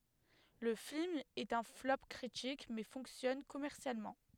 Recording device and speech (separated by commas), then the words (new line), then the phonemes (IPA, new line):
headset microphone, read sentence
Le film est un flop critique, mais fonctionne commercialement.
lə film ɛt œ̃ flɔp kʁitik mɛ fɔ̃ksjɔn kɔmɛʁsjalmɑ̃